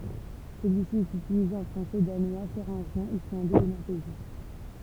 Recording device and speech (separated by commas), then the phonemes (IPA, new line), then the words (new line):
temple vibration pickup, read sentence
səlyisi ɛt ytilize ɑ̃ fʁɑ̃sɛ danwa feʁɛ̃ʒjɛ̃ islɑ̃dɛz e nɔʁveʒjɛ̃
Celui-ci est utilisé en français, danois, féringien, islandais et norvégien.